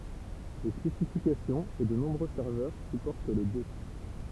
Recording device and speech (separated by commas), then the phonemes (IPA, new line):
temple vibration pickup, read sentence
le spesifikasjɔ̃z e də nɔ̃bʁø sɛʁvœʁ sypɔʁt le dø